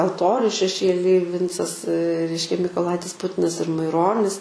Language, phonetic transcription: Lithuanian, alˈtoriu šeˈšėlij ˈvincas ˈreiškia mykoˈlaitis ˈputinas ir maiˈronis

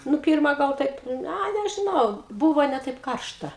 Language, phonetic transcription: Lithuanian, ˈnu ˈpyrma gal ˈtaip ˈa nežiˈnau ˈbūvo ne ˈtaip ˈkaršta

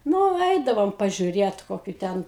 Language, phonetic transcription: Lithuanian, ˈnu ˈeidavom pažiuˈrėt ˈkokiu ˈten

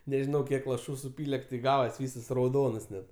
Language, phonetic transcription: Lithuanian, neˈžinau ˈkiek laˈšų suˈpyle ti ˈgavas ˈvysas rauˈdonas net

